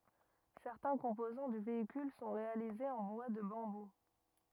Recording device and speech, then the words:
rigid in-ear microphone, read sentence
Certains composants du véhicule sont réalisés en bois de bambou.

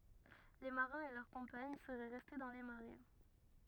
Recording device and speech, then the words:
rigid in-ear microphone, read sentence
Les marins et leurs compagnes seraient restés dans les marais.

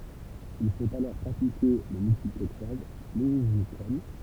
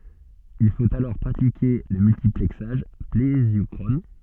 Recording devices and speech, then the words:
temple vibration pickup, soft in-ear microphone, read sentence
Il faut alors pratiquer le multiplexage plésiochrone.

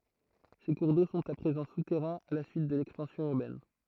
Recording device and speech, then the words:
throat microphone, read sentence
Ces cours d'eau sont à présent souterrains à la suite de l'expansion urbaine.

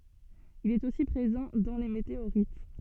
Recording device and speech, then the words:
soft in-ear microphone, read sentence
Il est aussi présent dans les météorites.

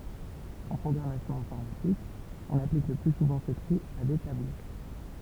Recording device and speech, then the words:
temple vibration pickup, read sentence
En programmation informatique, on applique le plus souvent ce tri à des tableaux.

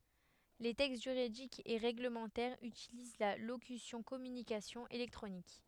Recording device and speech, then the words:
headset microphone, read sentence
Les textes juridiques et réglementaires utilisent la locution communications électroniques.

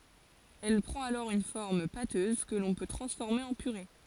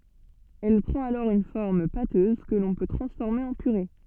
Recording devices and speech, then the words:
forehead accelerometer, soft in-ear microphone, read sentence
Elle prend alors une forme pâteuse que l'on peut transformer en purée.

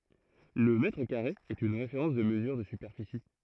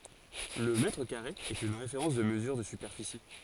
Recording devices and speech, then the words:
throat microphone, forehead accelerometer, read sentence
Le mètre carré est une référence de mesure de superficie.

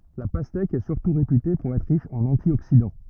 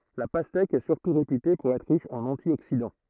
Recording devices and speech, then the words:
rigid in-ear microphone, throat microphone, read sentence
La pastèque est surtout réputée pour être riche en antioxydants.

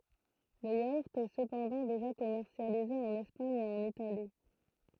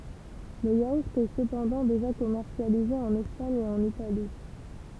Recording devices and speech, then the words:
throat microphone, temple vibration pickup, read sentence
Le yaourt est cependant déjà commercialisé en Espagne et en Italie.

